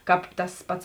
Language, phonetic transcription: Lithuanian, ˈkāp tas ˈpats

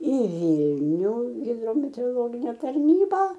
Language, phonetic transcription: Lithuanian, į ˈvylniu hidrometeoroˈlogine tarˈnyba

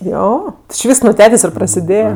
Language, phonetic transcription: Lithuanian, ˈjo ti či ˈvysks nu ˈtetės' i prasiˈdėje

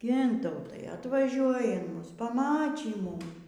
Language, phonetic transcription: Lithuanian, ˈgintautai atvaˈžiuoji in ˈmus paˈmačy ˈmum

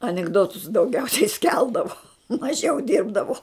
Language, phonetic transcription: Lithuanian, anikˈdotus dauˈgiausiai ˈskeldavo maˈžiau ˈdirbdavo

